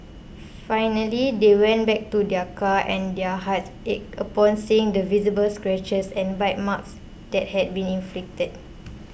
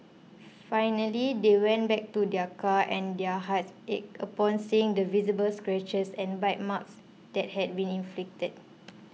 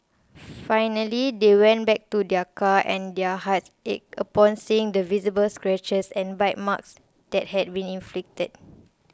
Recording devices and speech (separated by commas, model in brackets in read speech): boundary microphone (BM630), mobile phone (iPhone 6), close-talking microphone (WH20), read sentence